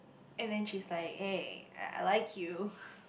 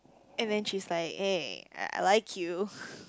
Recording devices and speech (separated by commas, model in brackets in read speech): boundary microphone, close-talking microphone, conversation in the same room